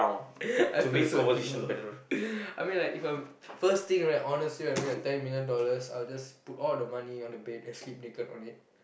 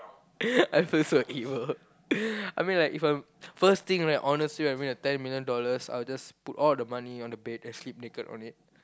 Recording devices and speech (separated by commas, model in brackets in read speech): boundary microphone, close-talking microphone, conversation in the same room